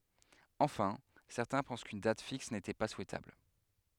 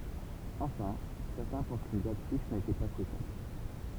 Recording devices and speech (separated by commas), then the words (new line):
headset microphone, temple vibration pickup, read sentence
Enfin, certains pensent qu'une date fixe n'était pas souhaitable.